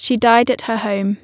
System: none